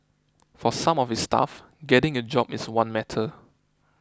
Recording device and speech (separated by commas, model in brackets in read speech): close-talking microphone (WH20), read sentence